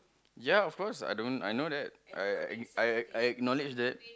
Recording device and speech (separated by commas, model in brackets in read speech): close-talking microphone, conversation in the same room